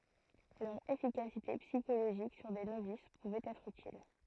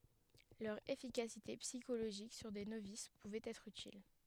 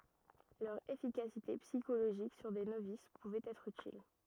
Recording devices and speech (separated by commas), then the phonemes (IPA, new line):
throat microphone, headset microphone, rigid in-ear microphone, read sentence
lœʁ efikasite psikoloʒik syʁ de novis puvɛt ɛtʁ ytil